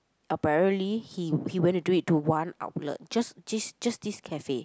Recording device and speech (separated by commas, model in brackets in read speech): close-talking microphone, conversation in the same room